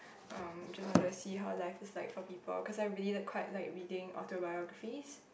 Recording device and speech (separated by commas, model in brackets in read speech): boundary microphone, conversation in the same room